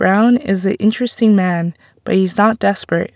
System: none